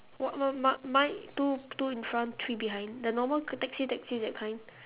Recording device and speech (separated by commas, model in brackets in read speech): telephone, conversation in separate rooms